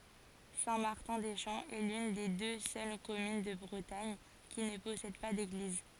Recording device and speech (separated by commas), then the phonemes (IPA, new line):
forehead accelerometer, read sentence
sɛ̃ maʁtɛ̃ de ʃɑ̃ ɛ lyn de dø sœl kɔmyn də bʁətaɲ ki nə pɔsɛd pa deɡliz